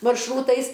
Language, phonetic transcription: Lithuanian, maršˈrūtais

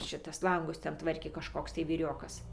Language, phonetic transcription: Lithuanian, ˈšitas ˈlangus ˈten ˈtvarkė kažˈkoks tai vyˈriokas

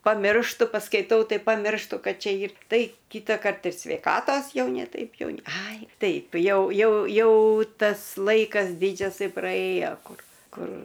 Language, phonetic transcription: Lithuanian, paˈmirštu paskaiˈtau ˈtai paˈmirštu ˈkad ˈčia ˈyr ˈtai ˈkytakart ir sveiˈkatos ˈjau ne ˈtaip ˈjau ne ˈai ˈtaip ˈjau ˈjau ˈjau ˈtas ˈlaikas ˈdidžiasai praˈėjo ˈkur ˈkur

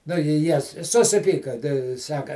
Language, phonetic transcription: Lithuanian, nu i ˈjie susiˈpyka tei ˈsaka

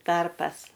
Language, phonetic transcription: Lithuanian, ˈtarpas

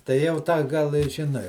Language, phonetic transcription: Lithuanian, tai ˈjau ˈtą ˈgal i žiˈnai

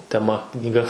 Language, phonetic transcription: Lithuanian, teˈma knyˈga

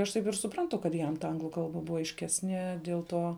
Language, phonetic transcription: Lithuanian, aš ˈtaip ir suˈprantu kad ˈjam ta ˈanglu ˈkalba ˈbuva aišˈkesnie diel ˈtuo

